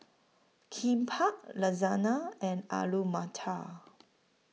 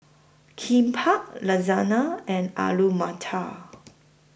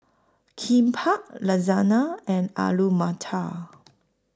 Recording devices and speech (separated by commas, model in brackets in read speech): mobile phone (iPhone 6), boundary microphone (BM630), close-talking microphone (WH20), read sentence